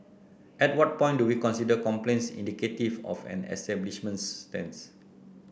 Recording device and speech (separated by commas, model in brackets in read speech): boundary microphone (BM630), read sentence